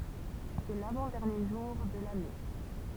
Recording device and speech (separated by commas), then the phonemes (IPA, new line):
temple vibration pickup, read sentence
sɛ lavɑ̃ dɛʁnje ʒuʁ də lane